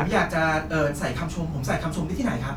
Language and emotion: Thai, happy